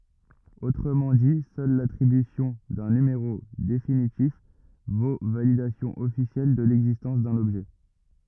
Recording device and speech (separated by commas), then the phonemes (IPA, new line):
rigid in-ear microphone, read sentence
otʁəmɑ̃ di sœl latʁibysjɔ̃ dœ̃ nymeʁo definitif vo validasjɔ̃ ɔfisjɛl də lɛɡzistɑ̃s dœ̃n ɔbʒɛ